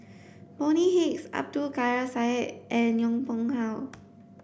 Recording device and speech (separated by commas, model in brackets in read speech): boundary microphone (BM630), read sentence